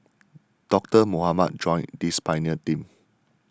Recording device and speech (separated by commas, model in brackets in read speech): standing microphone (AKG C214), read sentence